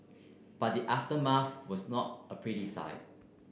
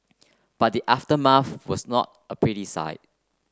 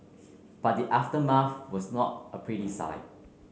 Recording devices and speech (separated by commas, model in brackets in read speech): boundary microphone (BM630), close-talking microphone (WH30), mobile phone (Samsung C9), read sentence